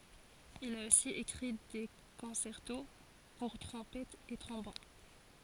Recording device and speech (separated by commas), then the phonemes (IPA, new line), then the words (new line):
forehead accelerometer, read sentence
il a osi ekʁi de kɔ̃sɛʁto puʁ tʁɔ̃pɛtz e tʁɔ̃bon
Il a aussi écrit des concertos pour trompettes et trombones.